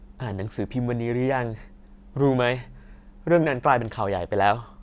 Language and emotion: Thai, frustrated